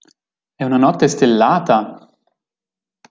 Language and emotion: Italian, surprised